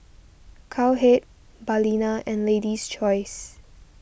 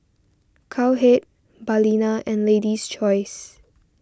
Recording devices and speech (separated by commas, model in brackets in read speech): boundary microphone (BM630), standing microphone (AKG C214), read sentence